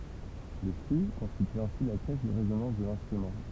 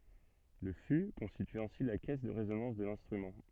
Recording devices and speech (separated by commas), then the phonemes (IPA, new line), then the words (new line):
temple vibration pickup, soft in-ear microphone, read sentence
lə fy kɔ̃stity ɛ̃si la kɛs də ʁezonɑ̃s də lɛ̃stʁymɑ̃
Le fût constitue ainsi la caisse de résonance de l'instrument.